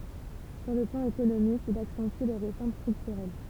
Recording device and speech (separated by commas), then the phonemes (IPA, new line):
temple vibration pickup, read sentence
syʁ lə plɑ̃ ekonomik il aksɑ̃ty le ʁefɔʁm stʁyktyʁɛl